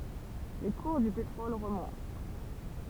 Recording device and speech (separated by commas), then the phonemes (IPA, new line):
temple vibration pickup, read sentence
le kuʁ dy petʁɔl ʁəmɔ̃t